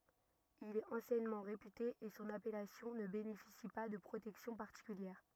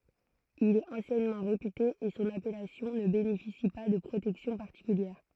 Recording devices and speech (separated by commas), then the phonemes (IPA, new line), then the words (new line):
rigid in-ear microphone, throat microphone, read sentence
il ɛt ɑ̃sjɛnmɑ̃ ʁepyte e sɔ̃n apɛlasjɔ̃ nə benefisi pa də pʁotɛksjɔ̃ paʁtikyljɛʁ
Il est anciennement réputé et son appellation ne bénéficie pas de protection particulière.